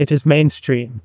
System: TTS, neural waveform model